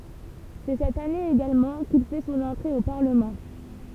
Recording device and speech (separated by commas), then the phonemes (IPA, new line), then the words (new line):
temple vibration pickup, read sentence
sɛ sɛt ane eɡalmɑ̃ kil fɛ sɔ̃n ɑ̃tʁe o paʁləmɑ̃
C'est cette année également qu'il fait son entrée au Parlement.